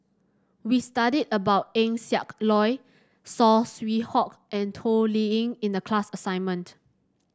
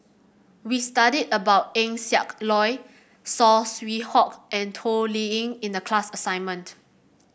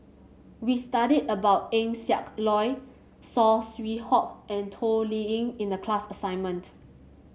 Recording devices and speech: standing microphone (AKG C214), boundary microphone (BM630), mobile phone (Samsung C7), read sentence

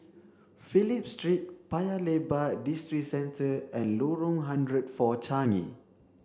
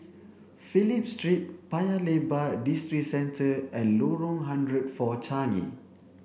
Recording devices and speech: standing microphone (AKG C214), boundary microphone (BM630), read sentence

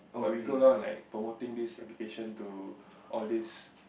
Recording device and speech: boundary microphone, conversation in the same room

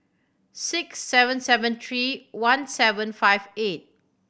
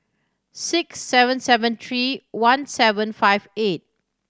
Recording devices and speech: boundary microphone (BM630), standing microphone (AKG C214), read sentence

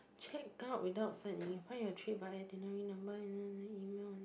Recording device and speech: boundary microphone, conversation in the same room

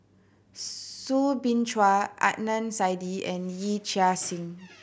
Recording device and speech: boundary microphone (BM630), read sentence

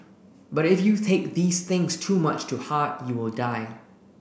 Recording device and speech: boundary microphone (BM630), read sentence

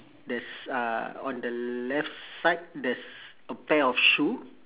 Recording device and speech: telephone, conversation in separate rooms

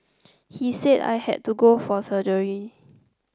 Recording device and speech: close-talking microphone (WH30), read sentence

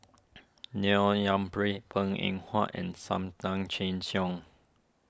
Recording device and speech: standing microphone (AKG C214), read sentence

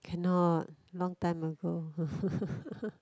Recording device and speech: close-talking microphone, conversation in the same room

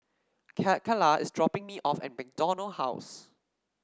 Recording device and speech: standing microphone (AKG C214), read sentence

